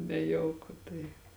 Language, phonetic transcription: Lithuanian, neˈjauku tai

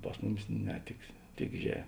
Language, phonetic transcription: Lithuanian, ˈpas muˌmis ˈne tik ˈtik že

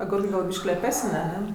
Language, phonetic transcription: Lithuanian, aˈgurkɜ ˈgal ˈbiškį leˈpesən' aˈne

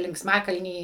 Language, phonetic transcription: Lithuanian, linksˈmakalny

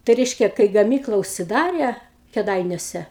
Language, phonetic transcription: Lithuanian, tai ˈreiškia kai gaˈmykla užsiˈdare keˈdainiuose

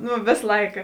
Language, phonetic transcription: Lithuanian, ˈnu ˈvės ˈlaika

